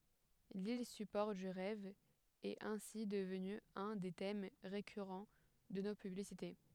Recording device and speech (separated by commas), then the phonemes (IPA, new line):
headset microphone, read sentence
lil sypɔʁ dy ʁɛv ɛt ɛ̃si dəvny œ̃ de tɛm ʁekyʁɑ̃ də no pyblisite